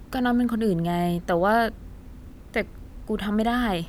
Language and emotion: Thai, frustrated